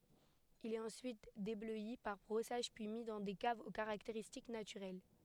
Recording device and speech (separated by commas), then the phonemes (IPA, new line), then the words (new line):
headset microphone, read sentence
il ɛt ɑ̃syit deblœi paʁ bʁɔsaʒ pyi mi dɑ̃ de kavz o kaʁakteʁistik natyʁɛl
Il est ensuite débleui par brossages puis mis dans des caves aux caractéristiques naturelles.